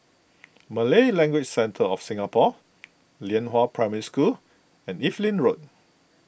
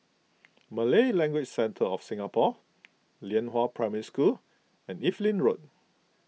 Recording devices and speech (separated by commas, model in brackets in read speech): boundary microphone (BM630), mobile phone (iPhone 6), read sentence